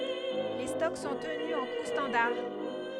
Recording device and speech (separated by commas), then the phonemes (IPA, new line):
headset microphone, read sentence
le stɔk sɔ̃ təny ɑ̃ ku stɑ̃daʁ